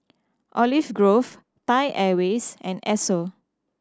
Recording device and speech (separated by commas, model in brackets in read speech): standing microphone (AKG C214), read sentence